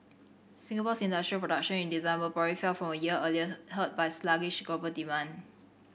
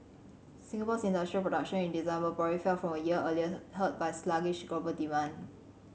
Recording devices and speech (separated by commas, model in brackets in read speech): boundary microphone (BM630), mobile phone (Samsung C7100), read sentence